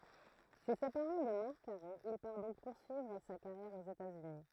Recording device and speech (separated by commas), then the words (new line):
throat microphone, read sentence
Se séparant de Marc Caro, il part donc poursuivre sa carrière aux États-Unis.